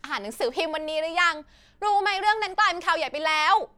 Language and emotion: Thai, angry